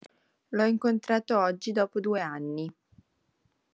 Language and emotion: Italian, neutral